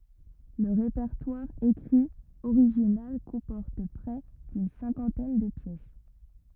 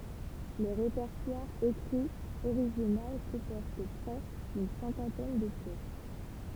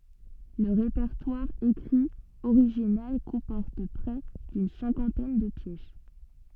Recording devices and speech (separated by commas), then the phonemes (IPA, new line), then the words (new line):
rigid in-ear microphone, temple vibration pickup, soft in-ear microphone, read sentence
lə ʁepɛʁtwaʁ ekʁi oʁiʒinal kɔ̃pɔʁt pʁɛ dyn sɛ̃kɑ̃tɛn də pjɛs
Le répertoire écrit original comporte près d'une cinquantaine de pièces.